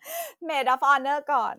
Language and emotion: Thai, happy